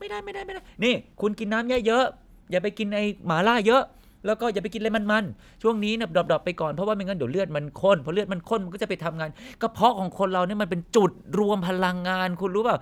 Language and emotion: Thai, frustrated